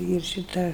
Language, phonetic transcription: Lithuanian, ir šiˈta

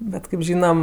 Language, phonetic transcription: Lithuanian, ˈbet kɜp ˈžynam

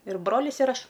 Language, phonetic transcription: Lithuanian, ir ˈbrolis ir ˈaš

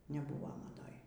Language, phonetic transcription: Lithuanian, neˈbuvo maˈdoj

